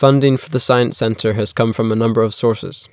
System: none